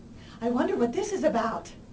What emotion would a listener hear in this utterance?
fearful